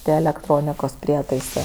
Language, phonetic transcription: Lithuanian, ˈtie elekˈtronikos ˈprietaisɜ

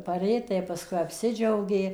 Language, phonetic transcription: Lithuanian, paˈrė tai pasˈkui apˈsidžiaugė

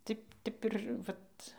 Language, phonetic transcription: Lithuanian, ˈti ˈtep ir ˈvat

